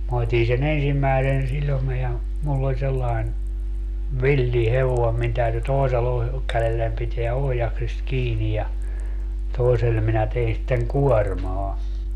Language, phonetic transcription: Finnish, ma 'ot́in se'n ‿ensimmäesen 'siĺome ja , mull ‿oĺ sellaen , "villi "hevoem min täyty 'toesella , 'kälellän piteä 'ohjaksist 'kiinij ja , 'toesel minä tein sitteŋ "kuɔrmaa .
- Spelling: minä otin sen ensimmäisen sitomen ja minulla oli sellainen villi hevonen minun täytyi toisella kädellä pitää ohjaksista kiinni ja toisella minä tein sitten kuormaa

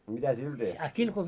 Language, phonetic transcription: Finnish, a 'mitä "sil teht́ii ?
- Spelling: a mitä sillä tehtiin

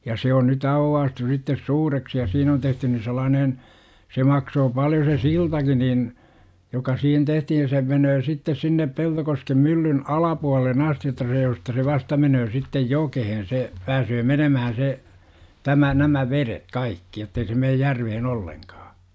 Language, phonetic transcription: Finnish, ja se on ny"t ‿auwwaastu sittes "suureksi ja siin ‿on 'tehtyn ni 'sel̆laanen , se 'maksoo 'paljo se "siltaki nin , joka 'siihen tehtihin̬ se 'menöö sittes sinnep 'Peltokoskem 'myllyn , "alapualel̆len "asti jotta see josta se 'vasta menöö sittej "jokehen se , 'pääsöö 'menömähän̬ se , 'tämä nämä 'veret "kaikki jottei se meej "järvehen 'olleŋkaa .
- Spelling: ja se on nyt aukaistu sitten suureksi ja siinä on tehty niin sellainen se maksoi paljon se siltakin niin joka siihen tehtiin se menee sitten sinne Peltokosken myllyn alapuolelle asti jotta se josta se vasta menee sitten jokeen se pääsee menemään se tämä nämä vedet kaikki jotta ei se mene järveen ollenkaan

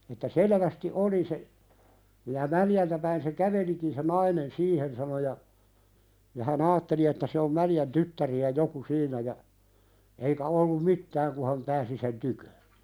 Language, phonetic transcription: Finnish, että 'selevästi "oli se , (niij ja) » 'Mäljältä päin se "kävelikin se 'nainen "siihen « sano ja , ja hä"n ‿aatteli että se om 'Mäljän "tyttäri₍ä 'joku "siiǹä ja , eikä ollum "mittääŋ ku ha̳m 'pääsi sen "tykö .
- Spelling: että selvästi oli se niin ja Mäljältä päin se kävelikin se nainen siihen sanoi ja ja hän ajatteli että se on Mäljän tyttäriä joku siinä ja eikä ollut mitään kun hän pääsi sen tykö

